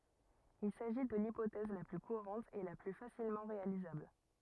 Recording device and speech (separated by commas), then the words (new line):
rigid in-ear microphone, read sentence
Il s'agit de l'hypothèse la plus courante et la plus facilement réalisable.